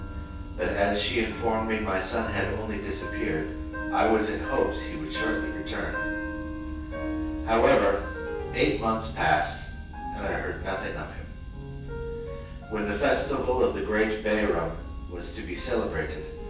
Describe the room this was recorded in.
A sizeable room.